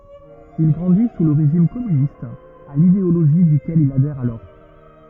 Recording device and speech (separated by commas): rigid in-ear microphone, read sentence